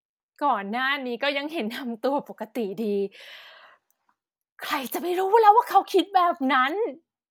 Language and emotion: Thai, happy